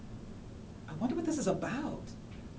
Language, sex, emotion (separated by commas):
English, female, fearful